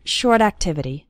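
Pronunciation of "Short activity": In 'short activity', 'short' flows into 'activity' with no break between the two words.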